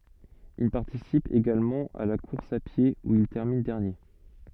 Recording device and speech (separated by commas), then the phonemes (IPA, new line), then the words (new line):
soft in-ear microphone, read sentence
il paʁtisip eɡalmɑ̃ a la kuʁs a pje u il tɛʁmin dɛʁnje
Il participe également à la course à pied, où il termine dernier.